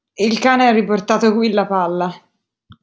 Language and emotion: Italian, disgusted